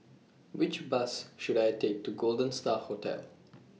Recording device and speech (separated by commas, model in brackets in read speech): mobile phone (iPhone 6), read sentence